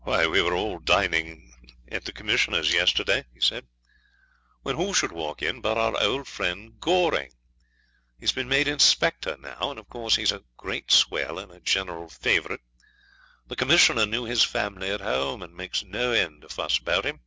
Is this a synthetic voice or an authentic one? authentic